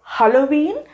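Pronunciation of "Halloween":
'Halloween' is pronounced incorrectly here.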